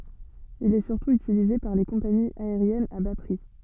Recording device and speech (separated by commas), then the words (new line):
soft in-ear microphone, read sentence
Il est surtout utilisé par les compagnies aériennes à bas prix.